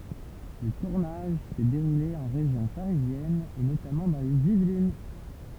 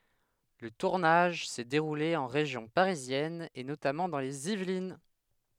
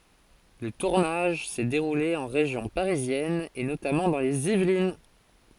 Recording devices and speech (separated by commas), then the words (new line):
temple vibration pickup, headset microphone, forehead accelerometer, read sentence
Le tournage s'est déroulé en région parisienne et notamment dans les Yvelines.